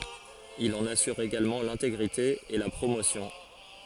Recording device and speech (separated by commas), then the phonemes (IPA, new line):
forehead accelerometer, read sentence
il ɑ̃n asyʁ eɡalmɑ̃ lɛ̃teɡʁite e la pʁomosjɔ̃